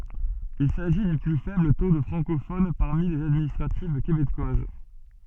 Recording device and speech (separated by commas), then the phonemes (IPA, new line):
soft in-ear microphone, read sentence
il saʒi dy ply fɛbl to də fʁɑ̃kofon paʁmi lez administʁativ kebekwaz